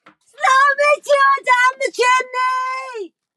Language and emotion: English, neutral